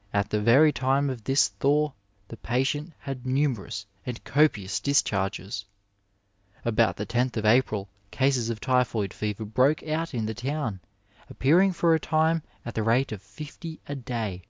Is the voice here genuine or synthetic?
genuine